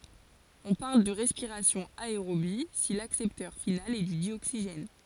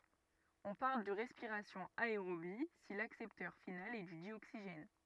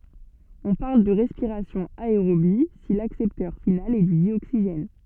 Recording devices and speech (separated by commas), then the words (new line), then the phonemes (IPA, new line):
forehead accelerometer, rigid in-ear microphone, soft in-ear microphone, read sentence
On parle de respiration aérobie si l'accepteur final est du dioxygène.
ɔ̃ paʁl də ʁɛspiʁasjɔ̃ aeʁobi si laksɛptœʁ final ɛ dy djoksiʒɛn